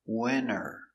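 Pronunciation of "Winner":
'When are' is said with the two words linked, run together as one.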